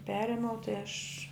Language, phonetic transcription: Lithuanian, ˈperėmiau tai aš

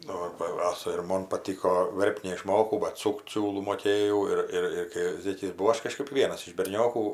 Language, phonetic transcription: Lithuanian, ˈnu ba ˈasa ir ˈmon paˈtyko ˈverpt neiˈšmokau bat ˈsukt ˈsiūlų moˈkėjau ˈir ˈir ir kai ˈzėkis buˈvau ˈaš kaˈžkɜp ˈvienas iš berˈniokų

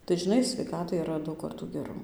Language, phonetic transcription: Lithuanian, tai žiˈnai sveiˈkatai yˈra daug ˈkartų geˈrau

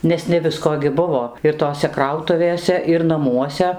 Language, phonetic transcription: Lithuanian, ˈnes ne ˈvisko gi ˈbuvo ir ˈtose ˈkrautuvėse ir naˈmuose

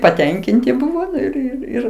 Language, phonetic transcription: Lithuanian, paˈtenkinti ˈbuvo ir ir ˈir

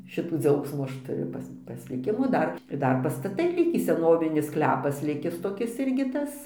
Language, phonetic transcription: Lithuanian, ˈšitų ˈdziaugsmų ˈaš tuˈriu ˈpas pasliˈkimų ˈdar ir ˈdar pastaˈtai ˈlikį seˈnovinis ˈsklepas ˈlikis toˈkis ˈirgi ˈtas

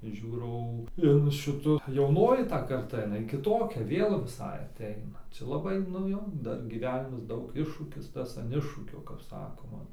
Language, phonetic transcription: Lithuanian, ˈžiūrau in ˈšitu jauˈnoji ta karˈta iˈnai kiˈtokia ˈvėl viˈsai aˈteina ˈčia laˈbai nu ˈjo ˈdar gyˈvenimas ˈdaug ˈiššūkis ˈtas an ˈiššūkio kap ˈsakoma

